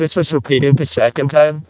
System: VC, vocoder